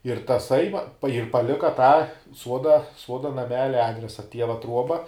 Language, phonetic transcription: Lithuanian, ir taˈsai va ir paˈlika tą ˈsuoda ˈsuoda naˈmelia ˈadresa ˈtieva ˈtruoba

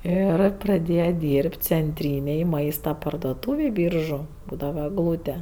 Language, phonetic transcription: Lithuanian, ˈir praˈdėja ˈdyrb't' cenˈtrynėj ˈmaista pardoˈtūvėj ˈbyržu ˈbūdava egˈlūte

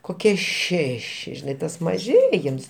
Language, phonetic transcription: Lithuanian, koˈkie ˈšeši žiˈnai tas maˈžėjims

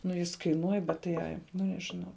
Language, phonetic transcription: Lithuanian, nu ˈjis kaiˈnuoj bet tai ˈai ˈnu nežiˈnau

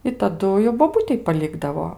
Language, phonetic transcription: Lithuanian, i taˈdu jau boˈbutei paˈlikdavo

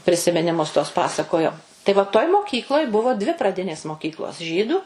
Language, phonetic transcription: Lithuanian, prisiminiˈmus tuos ˈpasakojo tai va toj moˈkykloj ˈbuvo dvi praˈdinės moˈkyklos ˈžydų

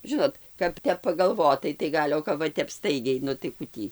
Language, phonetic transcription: Lithuanian, ˈžinot kap ˈtep pagalˈvotai tai ˈgal' o kap ˈva ˈstaigiai ˈnu tai ˈku tį

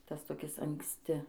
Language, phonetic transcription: Lithuanian, ˈtas toˈkis anksˈti

